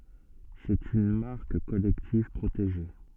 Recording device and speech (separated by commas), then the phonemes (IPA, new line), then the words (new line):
soft in-ear microphone, read sentence
sɛt yn maʁk kɔlɛktiv pʁoteʒe
C'est une marque collective, protégée.